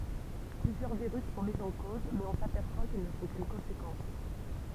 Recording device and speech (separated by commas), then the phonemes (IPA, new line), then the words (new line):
temple vibration pickup, read sentence
plyzjœʁ viʁys sɔ̃ mi ɑ̃ koz mɛz ɔ̃ sapɛʁswa kil nə sɔ̃ kyn kɔ̃sekɑ̃s
Plusieurs virus sont mis en cause, mais on s'aperçoit qu'ils ne sont qu'une conséquence.